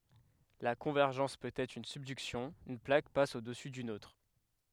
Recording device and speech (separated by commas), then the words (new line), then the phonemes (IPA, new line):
headset microphone, read sentence
La convergence peut être une subduction, une plaque passe au-dessous d'une autre.
la kɔ̃vɛʁʒɑ̃s pøt ɛtʁ yn sybdyksjɔ̃ yn plak pas odɛsu dyn otʁ